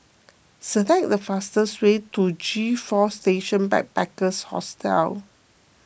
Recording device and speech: boundary microphone (BM630), read sentence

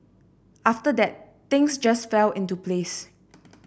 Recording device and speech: boundary microphone (BM630), read sentence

